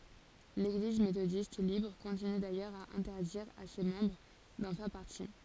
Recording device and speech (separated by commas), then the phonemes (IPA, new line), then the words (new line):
forehead accelerometer, read sentence
leɡliz metodist libʁ kɔ̃tiny dajœʁz a ɛ̃tɛʁdiʁ a se mɑ̃bʁ dɑ̃ fɛʁ paʁti
L'Église méthodiste libre continue d'ailleurs à interdire à ses membres d'en faire partie.